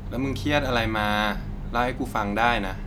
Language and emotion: Thai, neutral